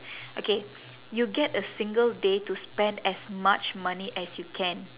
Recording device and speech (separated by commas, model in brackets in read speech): telephone, conversation in separate rooms